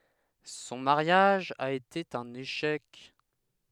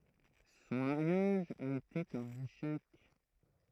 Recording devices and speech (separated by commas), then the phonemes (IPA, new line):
headset microphone, throat microphone, read sentence
sɔ̃ maʁjaʒ a ete œ̃n eʃɛk